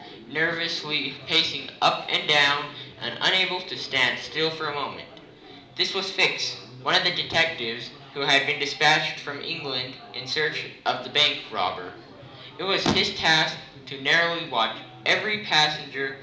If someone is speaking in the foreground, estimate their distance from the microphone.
2.0 m.